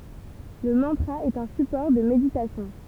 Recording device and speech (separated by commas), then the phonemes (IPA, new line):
temple vibration pickup, read sentence
lə mɑ̃tʁa ɛt œ̃ sypɔʁ də meditasjɔ̃